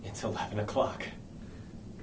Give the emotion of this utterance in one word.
happy